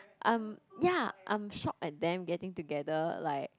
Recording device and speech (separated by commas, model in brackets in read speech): close-talking microphone, conversation in the same room